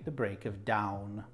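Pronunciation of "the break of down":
'The break of dawn' is pronounced incorrectly here: 'dawn' is said as 'down'.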